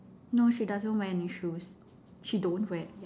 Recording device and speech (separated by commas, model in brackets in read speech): standing microphone, conversation in separate rooms